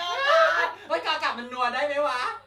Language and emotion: Thai, happy